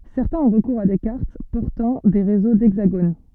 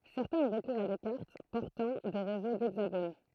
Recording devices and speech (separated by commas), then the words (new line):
soft in-ear microphone, throat microphone, read sentence
Certains ont recours à des cartes portant des réseaux d'hexagones.